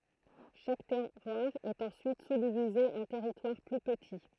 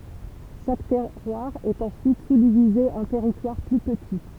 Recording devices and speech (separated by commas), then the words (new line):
throat microphone, temple vibration pickup, read sentence
Chaque terroir est ensuite sous-divisé en territoires plus petits.